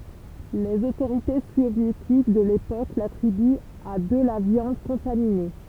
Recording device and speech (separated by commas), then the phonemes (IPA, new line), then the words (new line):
temple vibration pickup, read sentence
lez otoʁite sovjetik də lepok latʁibyt a də la vjɑ̃d kɔ̃tamine
Les autorités soviétiques de l'époque l'attribuent à de la viande contaminée.